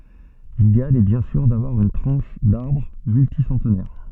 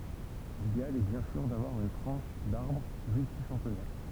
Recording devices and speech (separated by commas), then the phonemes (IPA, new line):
soft in-ear microphone, temple vibration pickup, read sentence
lideal ɛ bjɛ̃ syʁ davwaʁ yn tʁɑ̃ʃ daʁbʁ mylti sɑ̃tnɛʁ